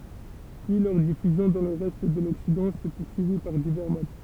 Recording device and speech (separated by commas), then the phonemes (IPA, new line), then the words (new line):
temple vibration pickup, read sentence
pyi lœʁ difyzjɔ̃ dɑ̃ lə ʁɛst də lɔksidɑ̃ sɛ puʁsyivi paʁ divɛʁ mod
Puis leur diffusion dans le reste de l'Occident s'est poursuivie par divers modes.